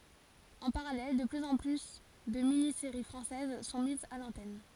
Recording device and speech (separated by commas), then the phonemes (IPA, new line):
forehead accelerometer, read sentence
ɑ̃ paʁalɛl də plyz ɑ̃ ply də mini seʁi fʁɑ̃sɛz sɔ̃ mizz a lɑ̃tɛn